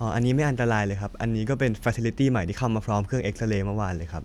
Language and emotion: Thai, neutral